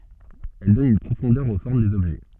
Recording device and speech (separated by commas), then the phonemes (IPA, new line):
soft in-ear microphone, read sentence
ɛl dɔn yn pʁofɔ̃dœʁ o fɔʁm dez ɔbʒɛ